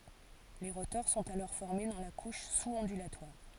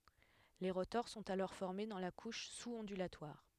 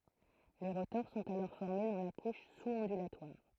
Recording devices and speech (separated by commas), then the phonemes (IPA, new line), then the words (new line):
forehead accelerometer, headset microphone, throat microphone, read sentence
le ʁotɔʁ sɔ̃t alɔʁ fɔʁme dɑ̃ la kuʃ suz ɔ̃dylatwaʁ
Les rotors sont alors formés dans la couche sous-ondulatoire.